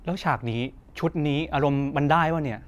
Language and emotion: Thai, frustrated